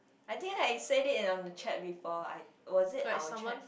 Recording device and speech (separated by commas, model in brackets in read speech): boundary microphone, conversation in the same room